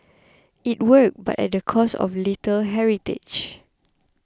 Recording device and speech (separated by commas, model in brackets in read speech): close-talking microphone (WH20), read sentence